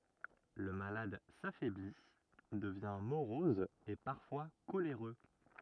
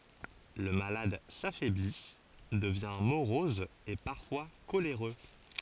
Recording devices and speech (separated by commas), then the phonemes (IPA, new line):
rigid in-ear microphone, forehead accelerometer, read sentence
lə malad safɛbli dəvjɛ̃ moʁɔz e paʁfwa koleʁø